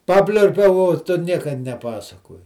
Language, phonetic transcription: Lithuanian, ˈpapliurpiau o ˈtu ˈnieka neˈpasakoji

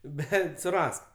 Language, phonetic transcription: Lithuanian, ˈbet suˈrask

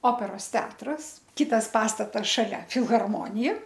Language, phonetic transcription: Lithuanian, ˈoperos ˈteatras ˈkitas ˈpastatas šaˈlia filharˈmonija

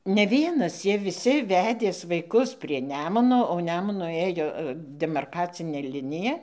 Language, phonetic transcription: Lithuanian, ne ˈvienas ˈjie viˈsi ˈvedės vaiˈkus prie ˈnemuno o ˈnemunu ˈėjo demarˈkacinė ˈlinija

